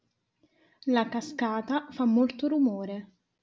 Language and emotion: Italian, neutral